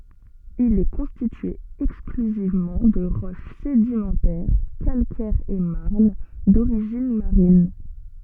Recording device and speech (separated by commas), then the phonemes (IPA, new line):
soft in-ear microphone, read sentence
il ɛ kɔ̃stitye ɛksklyzivmɑ̃ də ʁɔʃ sedimɑ̃tɛʁ kalkɛʁz e maʁn doʁiʒin maʁin